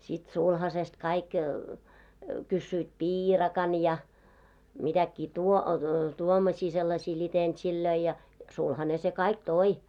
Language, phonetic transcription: Finnish, sit 'sulhasest kaik , kyssyit "piirakan ja , mitäkkii 'tuo- , 'tuomɔśii sellaśii ĺitentsillöi ja , 'sulhane se "kaik "toi .
- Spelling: sitten sulhasesta kaikki kysyivät piirakan ja mitäkin - tuommoisia sellaisia litentsejä ja sulhanen se kaikki toi

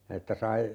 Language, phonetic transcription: Finnish, 'että sai ,.
- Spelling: että sai

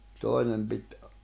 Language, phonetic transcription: Finnish, toi̬nem pit ,.
- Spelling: toinen piti

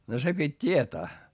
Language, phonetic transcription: Finnish, no se pit́ t́ietää .
- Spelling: no se piti tietää

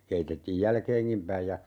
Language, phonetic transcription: Finnish, 'keitettiij "jälkeeŋkim 'päij ja , .
- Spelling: keitettiin jälkeenkin päin ja

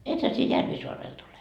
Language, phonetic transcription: Finnish, 'ethä sie 'Järvisoarelt ole ?
- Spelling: ethän sinä Järvisaarelta ole

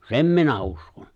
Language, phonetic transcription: Finnish, ''sem minä 'uskon .
- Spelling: sen minä uskon

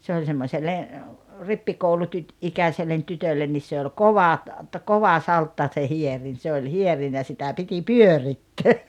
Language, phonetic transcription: Finnish, 'se oĺ semmośelle , 'rippi-koulutyt- , -'ikäśellen 'tytöllen nis se oĺ "kova ‿t- , kova 'saltta se 'hierin se oĺ 'hierin ja sitä 'piti "pyörittöö .
- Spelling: se oli semmoiselle - rippikoulutyttöikäiselle tytölle niin se oli kova - kova saltta se hierin se oli hierin ja sitä piti pyörittää

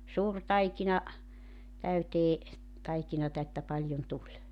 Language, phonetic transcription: Finnish, 'suur 'taikina , 'täytee , 'taikinata että 'paĺjon 'tuĺ .
- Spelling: suuri taikina täyteen taikinaa että paljon tuli

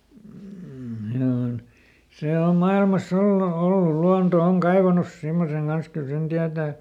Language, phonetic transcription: Finnish, m̥ , ˈhinä on , ˈsè ˈom ˈmailmaˈs ‿ollu , ˈol "luanto ˈoŋ ˈkaivanus ˈsimmoseŋ Gans ˈkyl sen ˈtiätä̀ .
- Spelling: mm siinä on se on maailmassa ollut oli luonto on kaivanut semmoisen kanssa kyllä sen tietää

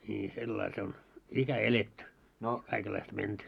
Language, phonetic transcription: Finnish, ńii sellail se on , 'ikä "eletty , kaikellaist 'menty .
- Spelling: niin sillä lailla se on ikä eletty kaikenlaista menty

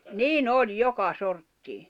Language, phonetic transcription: Finnish, nii'n ‿oĺ "joka sorttii .
- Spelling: niin oli joka sorttia

